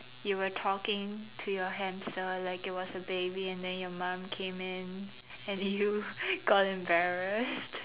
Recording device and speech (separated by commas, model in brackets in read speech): telephone, conversation in separate rooms